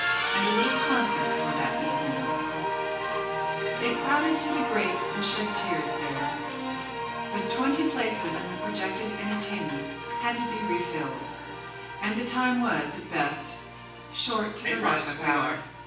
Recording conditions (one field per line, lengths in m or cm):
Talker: one person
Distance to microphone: 9.8 m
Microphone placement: far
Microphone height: 1.8 m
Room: large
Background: television